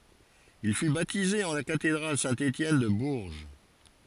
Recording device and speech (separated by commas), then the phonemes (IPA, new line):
forehead accelerometer, read sentence
il fy batize ɑ̃ la katedʁal sɛ̃ etjɛn də buʁʒ